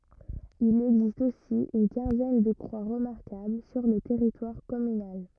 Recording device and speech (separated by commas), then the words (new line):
rigid in-ear microphone, read sentence
Il existe aussi une quinzaine de croix remarquables sur le territoire communal.